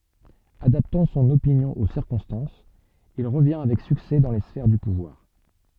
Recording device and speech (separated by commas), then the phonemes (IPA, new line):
soft in-ear microphone, read sentence
adaptɑ̃ sɔ̃n opinjɔ̃ o siʁkɔ̃stɑ̃sz il ʁəvjɛ̃ avɛk syksɛ dɑ̃ le sfɛʁ dy puvwaʁ